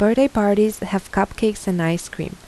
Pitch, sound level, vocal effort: 200 Hz, 83 dB SPL, soft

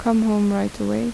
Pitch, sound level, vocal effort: 200 Hz, 78 dB SPL, soft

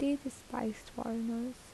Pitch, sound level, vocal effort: 245 Hz, 73 dB SPL, soft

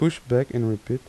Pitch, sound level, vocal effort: 125 Hz, 82 dB SPL, soft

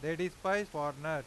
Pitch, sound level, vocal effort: 160 Hz, 97 dB SPL, very loud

